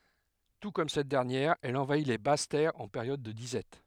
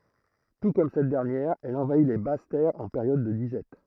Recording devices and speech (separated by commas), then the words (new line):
headset microphone, throat microphone, read sentence
Tout comme cette dernière, elle envahit les basses terres en période de disette.